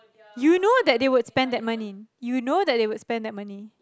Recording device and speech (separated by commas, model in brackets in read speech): close-talking microphone, conversation in the same room